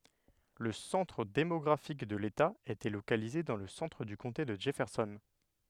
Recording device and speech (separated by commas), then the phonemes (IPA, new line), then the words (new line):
headset microphone, read sentence
lə sɑ̃tʁ demɔɡʁafik də leta etɛ lokalize dɑ̃ lə sɑ̃tʁ dy kɔ̃te də dʒɛfɛʁsɔn
Le centre démographique de l'État était localisé dans le centre du comté de Jefferson.